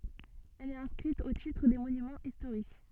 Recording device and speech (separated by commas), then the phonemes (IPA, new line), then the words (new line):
soft in-ear microphone, read sentence
ɛl ɛt ɛ̃skʁit o titʁ de monymɑ̃z istoʁik
Elle est inscrite au titre des Monuments historiques.